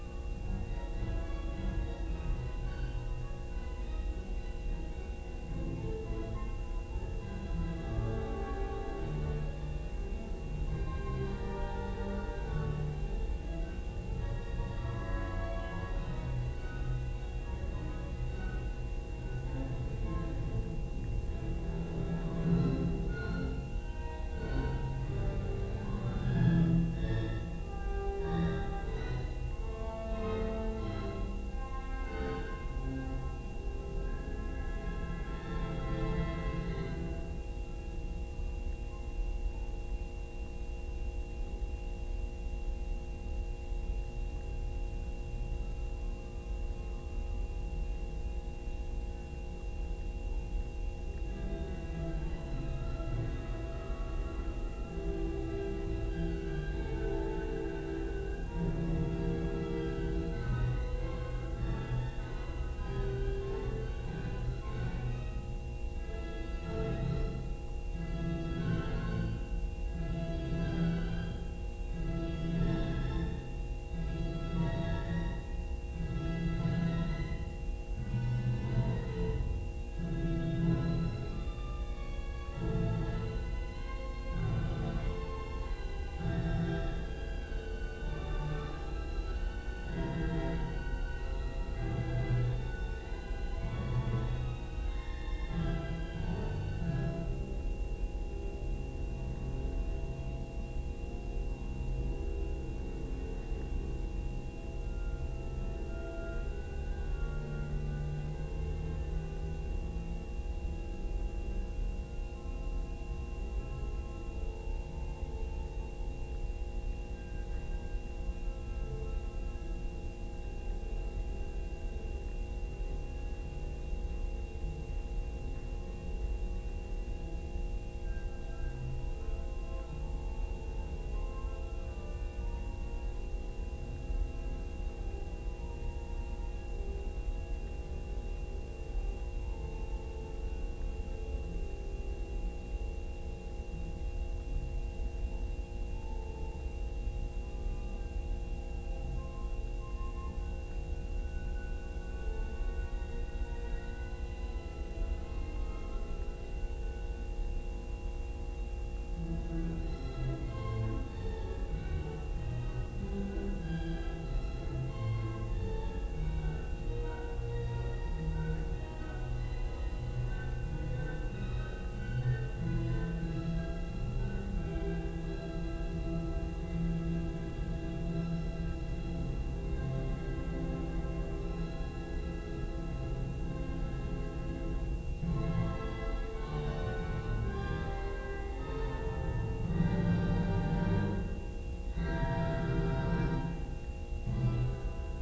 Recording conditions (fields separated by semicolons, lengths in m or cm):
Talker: no one; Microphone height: 3 cm; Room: large; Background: music